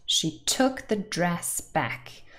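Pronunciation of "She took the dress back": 'Took', 'dress' and 'back' are stressed, so the stressed words 'dress' and 'back' come right next to each other.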